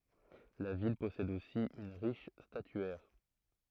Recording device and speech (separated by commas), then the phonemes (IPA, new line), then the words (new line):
throat microphone, read sentence
la vil pɔsɛd osi yn ʁiʃ statyɛʁ
La ville possède aussi une riche statuaire.